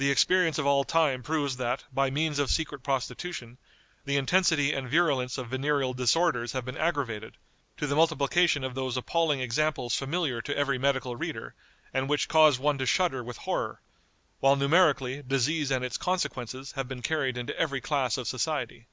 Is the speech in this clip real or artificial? real